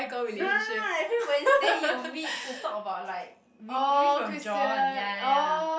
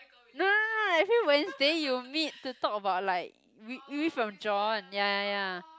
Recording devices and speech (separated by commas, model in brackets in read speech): boundary microphone, close-talking microphone, conversation in the same room